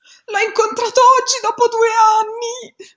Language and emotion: Italian, fearful